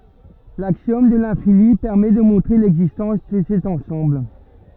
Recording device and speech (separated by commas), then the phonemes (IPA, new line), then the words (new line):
rigid in-ear microphone, read sentence
laksjɔm də lɛ̃fini pɛʁmɛ də mɔ̃tʁe lɛɡzistɑ̃s də sɛt ɑ̃sɑ̃bl
L'axiome de l'infini permet de montrer l'existence de cet ensemble.